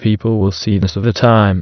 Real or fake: fake